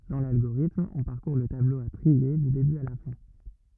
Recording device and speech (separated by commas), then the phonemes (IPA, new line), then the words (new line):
rigid in-ear microphone, read sentence
dɑ̃ lalɡoʁitm ɔ̃ paʁkuʁ lə tablo a tʁie dy deby a la fɛ̃
Dans l'algorithme, on parcourt le tableau à trier du début à la fin.